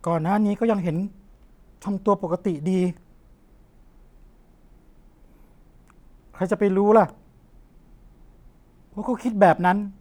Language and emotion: Thai, frustrated